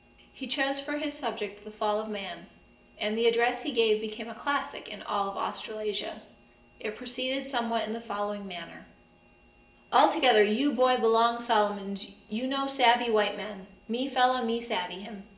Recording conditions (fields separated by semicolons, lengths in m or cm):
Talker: one person; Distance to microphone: 1.8 m; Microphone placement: close; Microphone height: 1.0 m; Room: large; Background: none